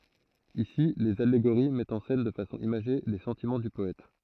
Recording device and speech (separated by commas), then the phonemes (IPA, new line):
throat microphone, read sentence
isi lez aleɡoʁi mɛtt ɑ̃ sɛn də fasɔ̃ imaʒe le sɑ̃timɑ̃ dy pɔɛt